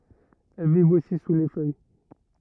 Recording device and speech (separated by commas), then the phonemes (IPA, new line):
rigid in-ear microphone, read sentence
ɛl vivt osi su le fœj